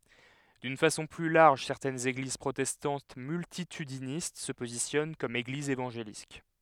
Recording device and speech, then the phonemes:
headset microphone, read sentence
dyn fasɔ̃ ply laʁʒ sɛʁtɛnz eɡliz pʁotɛstɑ̃t myltitydinist sə pozisjɔn kɔm eɡlizz evɑ̃ʒelik

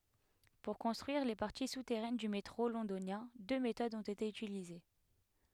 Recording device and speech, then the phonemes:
headset microphone, read sentence
puʁ kɔ̃stʁyiʁ le paʁti sutɛʁɛn dy metʁo lɔ̃donjɛ̃ dø metodz ɔ̃t ete ytilize

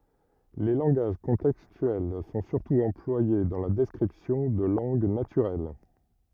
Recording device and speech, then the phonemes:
rigid in-ear microphone, read sentence
le lɑ̃ɡaʒ kɔ̃tɛkstyɛl sɔ̃ syʁtu ɑ̃plwaje dɑ̃ la dɛskʁipsjɔ̃ də lɑ̃ɡ natyʁɛl

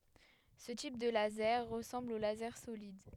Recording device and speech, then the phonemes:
headset microphone, read sentence
sə tip də lazɛʁ ʁəsɑ̃bl o lazɛʁ solid

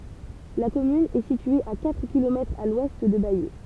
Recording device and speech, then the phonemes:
temple vibration pickup, read sentence
la kɔmyn ɛ sitye a katʁ kilomɛtʁz a lwɛst də bajø

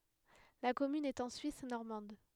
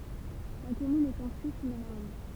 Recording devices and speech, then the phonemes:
headset microphone, temple vibration pickup, read sentence
la kɔmyn ɛt ɑ̃ syis nɔʁmɑ̃d

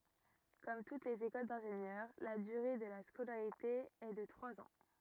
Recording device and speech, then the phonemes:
rigid in-ear microphone, read sentence
kɔm tut lez ekol dɛ̃ʒenjœʁ la dyʁe də la skolaʁite ɛ də tʁwaz ɑ̃

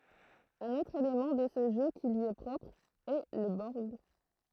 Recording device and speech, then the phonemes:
throat microphone, read sentence
œ̃n otʁ elemɑ̃ də sə ʒø ki lyi ɛ pʁɔpʁ ɛ lə bɔʁɡ

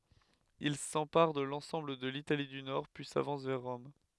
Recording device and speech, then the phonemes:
headset microphone, read sentence
il sɑ̃paʁ də lɑ̃sɑ̃bl də litali dy nɔʁ pyi savɑ̃s vɛʁ ʁɔm

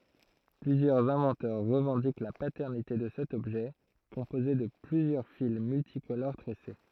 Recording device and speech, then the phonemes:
throat microphone, read sentence
plyzjœʁz ɛ̃vɑ̃tœʁ ʁəvɑ̃dik la patɛʁnite də sɛt ɔbʒɛ kɔ̃poze də plyzjœʁ fil myltikoloʁ tʁɛse

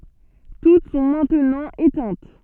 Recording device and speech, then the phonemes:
soft in-ear microphone, read sentence
tut sɔ̃ mɛ̃tnɑ̃ etɛ̃t

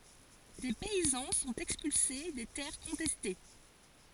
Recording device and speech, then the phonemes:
forehead accelerometer, read sentence
de pɛizɑ̃ sɔ̃t ɛkspylse de tɛʁ kɔ̃tɛste

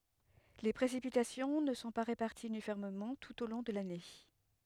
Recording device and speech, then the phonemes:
headset microphone, read sentence
le pʁesipitasjɔ̃ nə sɔ̃ pa ʁepaʁtiz ynifɔʁmemɑ̃ tut o lɔ̃ də lane

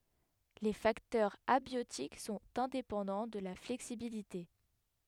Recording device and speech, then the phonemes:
headset microphone, read sentence
le faktœʁz abjotik sɔ̃t ɛ̃depɑ̃dɑ̃ də la flɛksibilite

